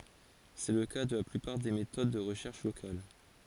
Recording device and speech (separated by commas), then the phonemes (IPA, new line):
forehead accelerometer, read sentence
sɛ lə ka də la plypaʁ de metod də ʁəʃɛʁʃ lokal